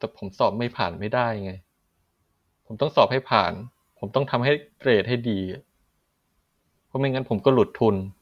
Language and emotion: Thai, frustrated